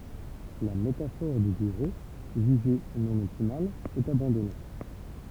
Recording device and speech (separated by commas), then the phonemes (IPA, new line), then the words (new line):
temple vibration pickup, read sentence
la metafɔʁ dy byʁo ʒyʒe nɔ̃ ɔptimal ɛt abɑ̃dɔne
La métaphore du bureau, jugée non optimale, est abandonnée.